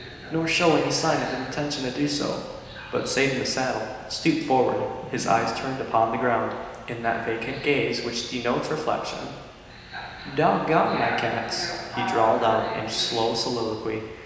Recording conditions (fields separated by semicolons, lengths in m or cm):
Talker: one person; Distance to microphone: 1.7 m; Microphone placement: close; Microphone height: 1.0 m; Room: very reverberant, large; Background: television